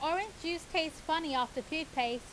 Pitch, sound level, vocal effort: 315 Hz, 92 dB SPL, very loud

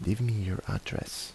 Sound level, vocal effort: 74 dB SPL, soft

